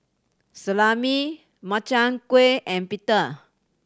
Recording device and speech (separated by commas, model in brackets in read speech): standing microphone (AKG C214), read sentence